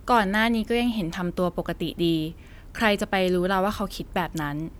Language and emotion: Thai, neutral